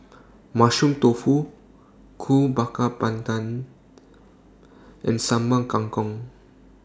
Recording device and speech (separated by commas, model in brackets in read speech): standing microphone (AKG C214), read sentence